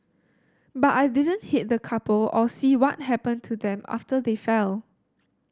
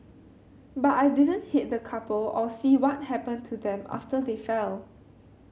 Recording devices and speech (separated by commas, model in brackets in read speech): standing microphone (AKG C214), mobile phone (Samsung C7100), read sentence